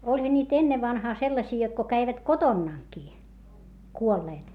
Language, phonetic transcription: Finnish, oĺha ńiit ‿ennevvanhaa sellasii jot ko käivät kotonnàŋkii , kuolleet .
- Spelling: olihan niitä ennen vanhaa sellaisia jotta kun kävivät kotonakin kuolleet

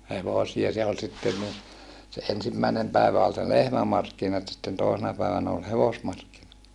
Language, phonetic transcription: Finnish, hevosia se ol sitten ni , se ensimmä̀enem pä̀evä ol se lehmämarkkinat sitten tòesena pä̀evänä ol hevosmarkki(nat) .
- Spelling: hevosia se oli sitten niin se ensimmäinen päivä oli se lehmämarkkinat sitten toisena päivänä oli hevosmarkkinat

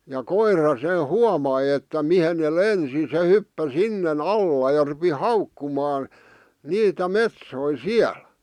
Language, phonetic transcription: Finnish, ja "koira se "huamai että 'mihen ne "lensi se 'hyppä "sinne"n ‿alla ja rupi "haukkumaan , 'niitä "metsoi "siäl .
- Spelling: ja koira se huomasi että mihin ne lensi se hyppäsi sinne alla ja rupesi haukkumaan niitä metsoja siellä

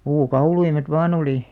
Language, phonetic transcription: Finnish, 'puu'kauluimet "vaa'n ‿oli .
- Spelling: puukauluimet vain oli

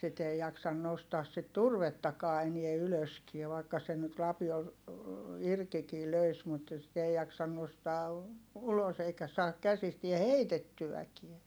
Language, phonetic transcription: Finnish, sit ‿ei jaksan nostaas sit turvettakaa enie ylöskie vaikka sen nyt lapiol , irkikii löis mut , sit ‿ei jaksan nostaa , ulos ‿eikä saak käsistiɛ heitettyʷäkiɛ .
- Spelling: sitten ei jaksa nostaa sitä turvettakaan enää ylöskään vaikka sen nyt lapiolla irtikin löisi mutta sitä ei jaksa nostaa ulos eikä saa käsistään heitettyäkään

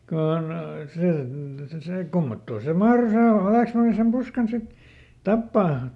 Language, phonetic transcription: Finnish, ˈkon , see , se see ˈkummottoo se "mahro se ˈhalèksmanni sem ˈPuskan sit , "tappaa .
- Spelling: kun se se se kummottoon se mahtoi se vallesmanni sen Puskan sitten tappaa

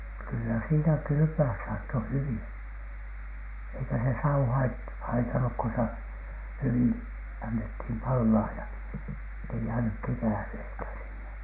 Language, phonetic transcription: Finnish, kyllä siinä "kylʸpö₍äs saatto 'huviN , eikä se 'sau 'hait- , "haitanuk ko se , "hyvin , annethin 'pallaa ‿ja , ettei jäänyk "kekähleitä sinne .
- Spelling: kyllä siinä kylpeä saattoi hyvin eikä se savu - haitannut kun se hyvin annettiin palaa ja että ei jäänyt kekäleitä sinne

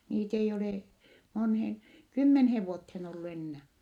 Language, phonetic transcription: Finnish, niit ‿ei olè , monheeŋ , kymmenheev vuotheen ollu ennää .
- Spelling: niitä ei ole moneen kymmeneen vuoteen ollut enää

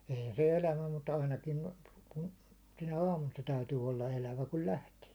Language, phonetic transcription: Finnish, 'eihän̬ se "elävä mut 'ainakin , kᴜɴ , sinä "aamun se 'täytyy 'olla 'elävä kul "lähtee .
- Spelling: eihän se elävä mutta ainakin kun sinä aamuna se täytyy olla elävä kun lähtee

